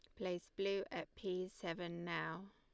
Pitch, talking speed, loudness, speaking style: 185 Hz, 155 wpm, -44 LUFS, Lombard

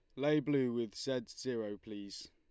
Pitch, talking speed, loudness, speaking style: 120 Hz, 170 wpm, -37 LUFS, Lombard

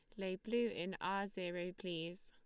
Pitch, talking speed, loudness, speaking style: 190 Hz, 175 wpm, -42 LUFS, Lombard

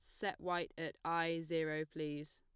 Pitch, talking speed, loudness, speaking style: 165 Hz, 165 wpm, -40 LUFS, plain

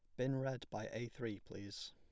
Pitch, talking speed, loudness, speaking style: 115 Hz, 210 wpm, -44 LUFS, plain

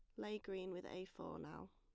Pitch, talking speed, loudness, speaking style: 185 Hz, 235 wpm, -50 LUFS, plain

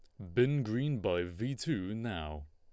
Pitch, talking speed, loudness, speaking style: 110 Hz, 170 wpm, -34 LUFS, Lombard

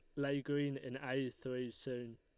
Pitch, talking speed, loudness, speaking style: 130 Hz, 185 wpm, -41 LUFS, Lombard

